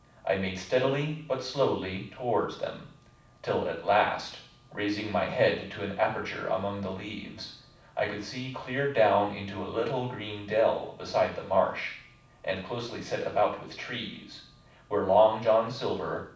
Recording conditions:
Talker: one person; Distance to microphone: 5.8 m; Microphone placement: far; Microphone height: 1.8 m; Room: medium-sized (5.7 m by 4.0 m); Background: none

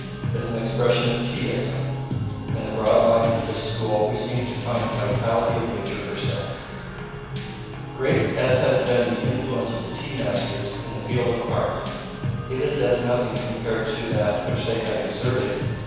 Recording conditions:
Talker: one person; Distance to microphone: 7.1 m; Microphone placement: far; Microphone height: 1.7 m; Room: very reverberant, large; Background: music

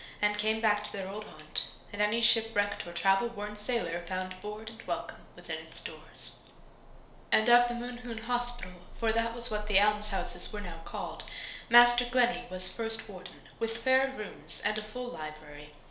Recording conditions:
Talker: one person; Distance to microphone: 1.0 m; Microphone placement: close; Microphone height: 1.1 m; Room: small (3.7 m by 2.7 m); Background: none

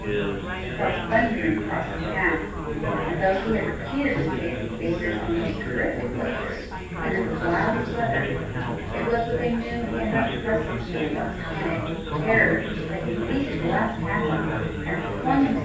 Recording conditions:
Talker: one person; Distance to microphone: 9.8 m; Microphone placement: far; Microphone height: 1.8 m; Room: large; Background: babble

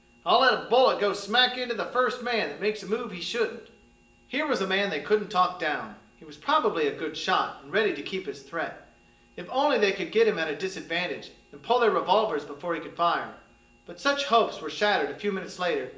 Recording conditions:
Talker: one person; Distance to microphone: 1.8 m; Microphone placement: close; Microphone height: 1.0 m; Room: large; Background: none

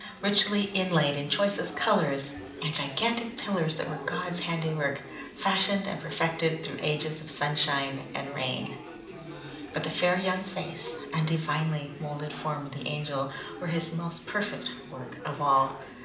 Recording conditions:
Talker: one person; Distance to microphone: 2.0 m; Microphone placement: close; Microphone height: 99 cm; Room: medium-sized (5.7 m by 4.0 m); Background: babble

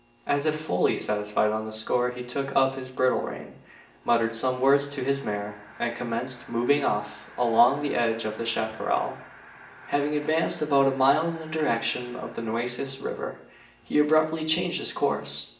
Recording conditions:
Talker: one person; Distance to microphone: 1.8 m; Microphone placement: close; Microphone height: 1.0 m; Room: large; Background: television

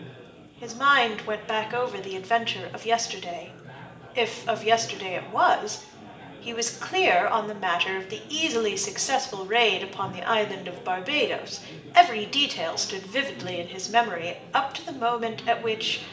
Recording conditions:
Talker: one person; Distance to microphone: 1.8 m; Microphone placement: close; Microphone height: 1.0 m; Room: large; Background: babble

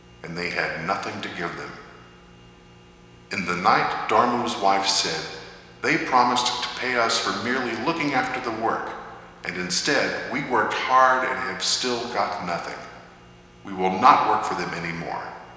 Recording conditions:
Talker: one person; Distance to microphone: 1.7 m; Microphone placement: close; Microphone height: 1.0 m; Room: very reverberant, large; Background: none

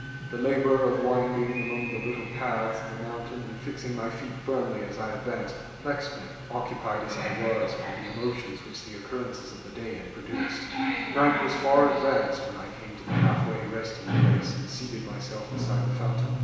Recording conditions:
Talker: one person; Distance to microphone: 1.7 m; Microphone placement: close; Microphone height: 1.0 m; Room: very reverberant, large; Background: television

